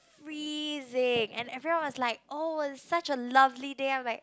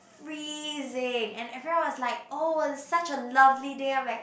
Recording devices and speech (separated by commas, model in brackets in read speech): close-talking microphone, boundary microphone, conversation in the same room